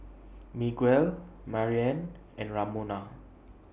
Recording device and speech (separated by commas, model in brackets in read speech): boundary microphone (BM630), read sentence